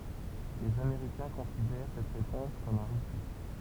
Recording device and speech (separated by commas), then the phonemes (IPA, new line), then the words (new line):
temple vibration pickup, read sentence
lez ameʁikɛ̃ kɔ̃sidɛʁ sɛt ʁepɔ̃s kɔm œ̃ ʁəfy
Les Américains considèrent cette réponse comme un refus.